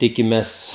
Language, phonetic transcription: Lithuanian, ˈtikimes

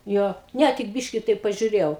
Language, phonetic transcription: Lithuanian, ˈjo ˈne tik ˈbiški ˈtaip pažiuˈrėjau

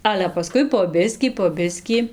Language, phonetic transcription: Lithuanian, ˈale paˈskui po ˈbiskį po ˈbiskį

